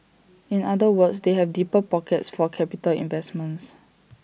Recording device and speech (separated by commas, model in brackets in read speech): boundary microphone (BM630), read sentence